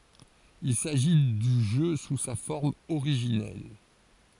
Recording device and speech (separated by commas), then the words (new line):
forehead accelerometer, read sentence
Il s’agit du jeu sous sa forme originelle.